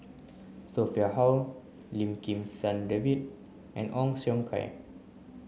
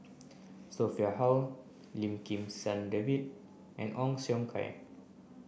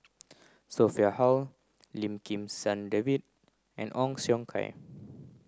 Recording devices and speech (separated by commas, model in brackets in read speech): mobile phone (Samsung C9), boundary microphone (BM630), close-talking microphone (WH30), read sentence